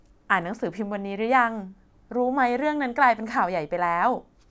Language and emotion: Thai, happy